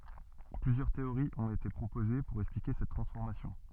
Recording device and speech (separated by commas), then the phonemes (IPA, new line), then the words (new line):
soft in-ear microphone, read sentence
plyzjœʁ teoʁiz ɔ̃t ete pʁopoze puʁ ɛksplike sɛt tʁɑ̃sfɔʁmasjɔ̃
Plusieurs théories ont été proposées pour expliquer cette transformation.